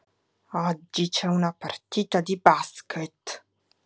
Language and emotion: Italian, angry